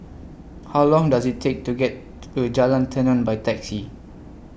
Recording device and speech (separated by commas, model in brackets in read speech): boundary microphone (BM630), read sentence